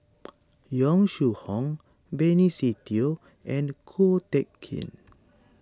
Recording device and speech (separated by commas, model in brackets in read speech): standing microphone (AKG C214), read sentence